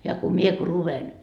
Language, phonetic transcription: Finnish, ja ku 'mie ku 'luven .
- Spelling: ja kun minä kun luen

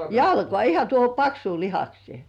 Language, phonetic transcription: Finnish, jalkoà 'iha tuoho "paksuu 'lihaksiè .
- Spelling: jalkaan ihan tuohon paksuun lihakseen

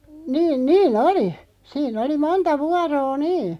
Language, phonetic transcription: Finnish, 'niin 'niin "oli , 'sii'n ‿oli "monta 'vuaroo "nii .
- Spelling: niin niin oli siinä oli monta vuoroa niin

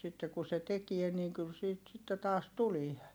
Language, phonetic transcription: Finnish, sitte ku se tekie niiŋ kyl siit sitte taas tulie .
- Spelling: sitten kun se tekee niin kyllä siitä sitten taas tulee

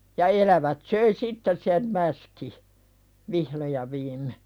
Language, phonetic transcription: Finnish, ja elävät 'söi "sitteˢ sem 'mäski , "vihlo ja 'viimme .
- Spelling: ja elävät söi sitten sen mäskin vihdoin ja viimein

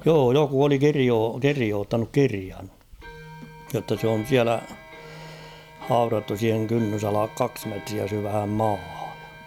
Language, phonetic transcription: Finnish, 'joo "joku oli 'kirioo- "kirioottanuk 'kirian , jotta s ‿on̬ 'siälä , 'haurattu siiheŋ 'kynnysalak "kaks metriä 'syvhäm "maahᴀ .
- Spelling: joo joku oli - kirjoittanut kirjan jotta se on siellä haudattu siihen kynnysalle kaksi metriä syvään maahan

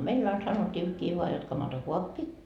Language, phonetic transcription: Finnish, meill ‿ain 'sanot́t́iikkii voa jot 'kamanto"kuappi .
- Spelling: meillä aina sanottiinkin vain jotta kamantokaappi

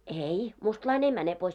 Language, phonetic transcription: Finnish, ei , 'mustlain ‿ei 'mäne pois .
- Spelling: ei mustalainen ei mene pois

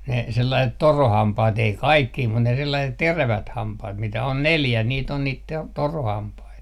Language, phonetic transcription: Finnish, ne , 'sellaiset "torohampaat 'ei "kaikkii mut ne 'sellaiset "terävät 'hampaht 'mitä on "neljä niit ‿on niit 'te- , 'torohampait .
- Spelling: ne sellaiset torahampaat ei kaikkia mutta ne sellaiset terävät hampaat mitä on neljä niitä on niitä - torahampaita

